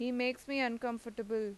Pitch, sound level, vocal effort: 240 Hz, 90 dB SPL, normal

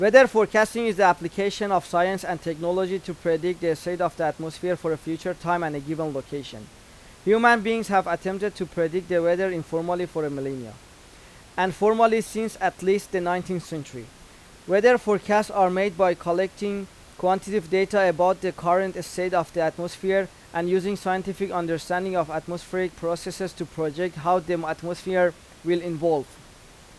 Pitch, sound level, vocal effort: 180 Hz, 92 dB SPL, loud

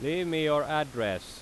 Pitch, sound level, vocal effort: 150 Hz, 93 dB SPL, very loud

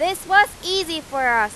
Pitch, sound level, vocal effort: 340 Hz, 102 dB SPL, very loud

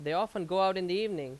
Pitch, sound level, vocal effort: 190 Hz, 93 dB SPL, very loud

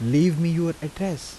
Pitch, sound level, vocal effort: 165 Hz, 84 dB SPL, soft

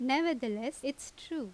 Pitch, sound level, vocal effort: 275 Hz, 85 dB SPL, loud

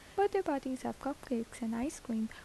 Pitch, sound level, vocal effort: 265 Hz, 76 dB SPL, soft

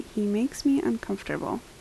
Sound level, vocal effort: 75 dB SPL, soft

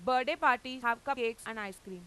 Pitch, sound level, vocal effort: 235 Hz, 98 dB SPL, very loud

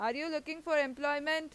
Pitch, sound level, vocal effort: 300 Hz, 95 dB SPL, loud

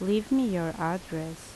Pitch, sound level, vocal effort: 175 Hz, 78 dB SPL, normal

